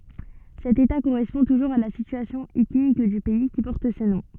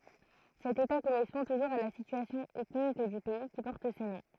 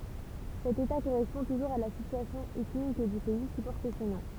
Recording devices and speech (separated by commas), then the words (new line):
soft in-ear microphone, throat microphone, temple vibration pickup, read sentence
Cet état correspond toujours à la situation ethnique du pays qui porte ce nom.